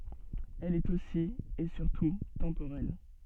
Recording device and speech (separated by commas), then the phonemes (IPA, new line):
soft in-ear microphone, read sentence
ɛl ɛt osi e syʁtu tɑ̃poʁɛl